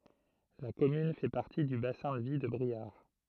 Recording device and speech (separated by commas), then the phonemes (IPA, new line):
throat microphone, read sentence
la kɔmyn fɛ paʁti dy basɛ̃ də vi də bʁiaʁ